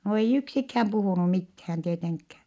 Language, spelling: Finnish, no ei yksikään puhunut mitään tietenkään
- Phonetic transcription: no ei yksikhäm puhùnu mithään tieteŋkkää .

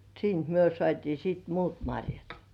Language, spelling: Finnish, siitä me saatiin sitten muut marjat
- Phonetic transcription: 'siint myö 'sŏàtii siit "muut 'maŕjat .

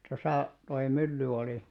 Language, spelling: Finnish, tuossa tuo mylly oli
- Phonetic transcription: 'tosà , toi 'mylly oli .

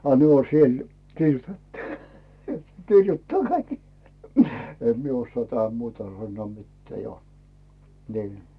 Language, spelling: Finnish, a ne on siellä kirjoitettu kirjoittaa kaikki en minä osaa tähän muuta sanoa mitään jo niin
- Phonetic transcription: a 'ne o "siel , 'kirjutettᴜ , 'kirjuttaa "kaik , 'em mie ossoà tähäm "muuta sannᵘò 'mitteä̀ jo , nii .

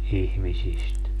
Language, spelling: Finnish, ihmisistä
- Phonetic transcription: 'ihmisist .

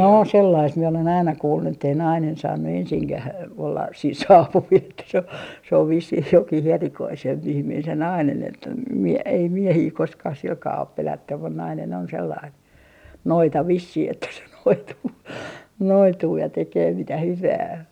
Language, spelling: Finnish, no sellaista minä olen aina kuullut että ei nainen saanut ensinkään olla siinä saapuvilla että se on se on vissiin jokin erikoisempi ihminen se nainen että - ei miehiä koskaan sillä kalella ole pelätty mutta nainen on sellainen noita vissiin että se noituu noituu ja tekee mitä hyvänsä
- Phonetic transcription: no 'sellaist mie olen "aina 'kuullu ettei "nainen 'saannu 'ensiŋkäh , 'ollas siin "saapuvil että se o , se ov 'vissih 'jokih "erikoisem'p ‿ihmiin se "nainen että , m - ei "miehii 'koskaah 'silkaa op 'pelättym mun 'nainen on 'sellain , "noita 'vissih että se , 'noituu "noituu ja 'tekee 'mitä 'hyvää .

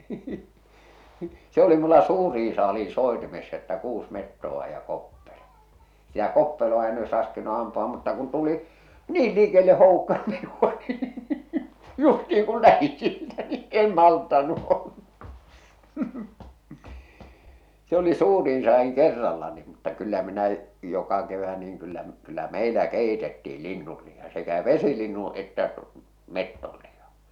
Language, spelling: Finnish, se oli minulla suurin saalis soitimessa että kuusi metsoa ja koppelo sitä koppeloa en olisi raskinut ampua mutta kun tuli niin likelle houkka minua niin justiin kun lähdin siitä niin en malttanut olla se oli suurin saadin kerralla niin mutta kyllä minä joka kevät niin kyllä kyllä meillä keitettiin linnun liha sekä vesilinnun että metson liha
- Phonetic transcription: se oli mulla "suurii 'saali̳i̳ 'sòetimessa että 'kuus mettoᵛa ja 'koppelo , sitä 'koppelo₍a en oes ràskinu ampu₍a mutta kun 'tuli , "niil lìkelle 'hòukka minu₍a nii , 'justi₍iŋ kul 'lähi siitä ni , 'en 'malttannu ᴏʟʟᴀ , se oli 'suuriin "saa₍iŋ 'kerralla ni mutta kyllä minä , 'joka kevä niiŋ kyllä , kyllä "mèilä "kèitettiil "linnul liha sekä "vesilinnuṵ että , "mettol lihᴀ .

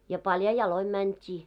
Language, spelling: Finnish, ja paljain jaloin mentiin
- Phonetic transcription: ja 'palja 'ja-loi mänt́ii .

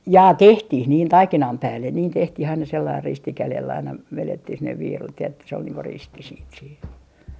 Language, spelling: Finnish, jaa tehtiin niin taikinan päälle niin tehtiin aina sellainen risti kädellä aina vedettiin sinne viirut ja että se oli niin kuin risti sitten siinä
- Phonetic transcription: 'jaa "tehtih niin "taikinam "päällen niin 'tehtih aina 'sellair 'risti 'kälell ‿aina , 'velettih sinnev 'viirut ja että se ‿ol niiŋ ko "risti siit siin .

